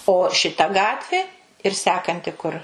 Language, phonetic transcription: Lithuanian, o šiˈta ˈgatvė ir ˈsekanti kur

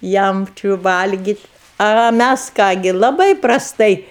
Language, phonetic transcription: Lithuanian, ˈjam ˈčiu ˈvalgyt' a a ˈmæs ˈką gi laˈbai prasˈtai

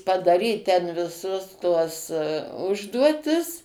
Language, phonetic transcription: Lithuanian, padaˈryt ˈten viˈsus tuos ˈužduotis

